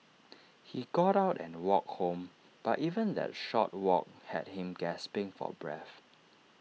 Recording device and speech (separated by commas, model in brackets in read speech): mobile phone (iPhone 6), read sentence